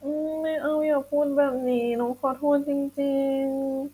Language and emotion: Thai, sad